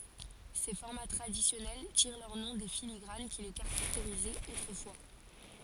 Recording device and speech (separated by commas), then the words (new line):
forehead accelerometer, read sentence
Ces formats traditionnels tirent leur nom des filigranes qui les caractérisaient autrefois.